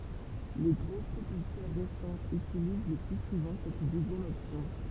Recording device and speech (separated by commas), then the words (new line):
temple vibration pickup, read sentence
Les gros propulseurs récents utilisent le plus souvent cette deuxième option.